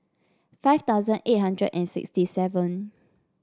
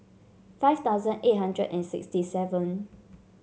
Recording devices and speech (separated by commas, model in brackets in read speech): standing microphone (AKG C214), mobile phone (Samsung C7), read sentence